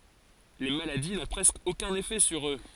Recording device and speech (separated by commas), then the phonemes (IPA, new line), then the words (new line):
forehead accelerometer, read sentence
le maladi nɔ̃ pʁɛskə okœ̃n efɛ syʁ ø
Les maladies n'ont presque aucun effet sur eux.